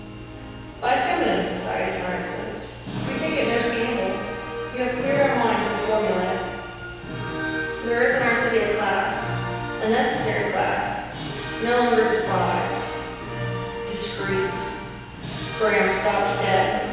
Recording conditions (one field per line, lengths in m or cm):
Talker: one person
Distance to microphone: 7.1 m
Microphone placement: far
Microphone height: 1.7 m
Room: very reverberant, large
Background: music